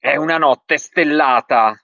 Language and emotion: Italian, angry